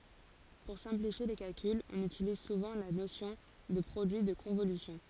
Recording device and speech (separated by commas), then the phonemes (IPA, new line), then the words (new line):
forehead accelerometer, read sentence
puʁ sɛ̃plifje le kalkylz ɔ̃n ytiliz suvɑ̃ la nosjɔ̃ də pʁodyi də kɔ̃volysjɔ̃
Pour simplifier les calculs, on utilise souvent la notion de produit de convolution.